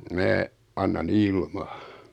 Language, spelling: Finnish, minä annan ilman
- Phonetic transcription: 'mää , anna'n ‿ilmᴀ .

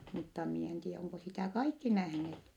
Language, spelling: Finnish, mutta minä en tiedä onko sitä kaikki nähneet
- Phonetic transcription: mutta mie en tie oŋko sitä kaikki nähneet .

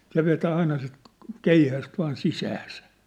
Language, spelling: Finnish, se vetää aina sitä keihästä vain sisäänsä
- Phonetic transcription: 'se vetää 'aina sit , "keihäst vaan "sisääsä .

